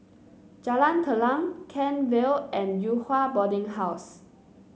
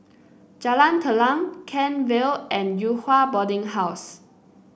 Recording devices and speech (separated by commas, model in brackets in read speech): mobile phone (Samsung C9), boundary microphone (BM630), read sentence